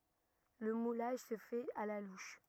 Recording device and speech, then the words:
rigid in-ear microphone, read sentence
Le moulage se fait à la louche.

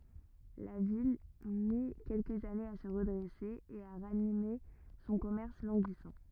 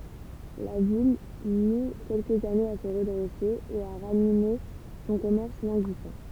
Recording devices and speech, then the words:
rigid in-ear microphone, temple vibration pickup, read sentence
La ville mit quelques années à se redresser et à ranimer son commerce languissant.

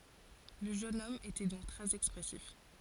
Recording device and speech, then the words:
forehead accelerometer, read sentence
Le jeune homme était donc très expressif.

